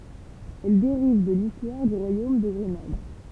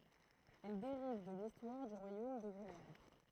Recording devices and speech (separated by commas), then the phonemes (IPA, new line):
temple vibration pickup, throat microphone, read sentence
ɛl deʁiv də listwaʁ dy ʁwajom də ɡʁənad